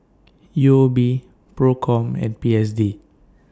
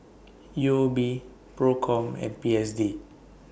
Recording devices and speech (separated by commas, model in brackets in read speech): standing microphone (AKG C214), boundary microphone (BM630), read sentence